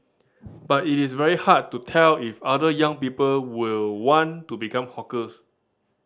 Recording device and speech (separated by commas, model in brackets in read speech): standing microphone (AKG C214), read sentence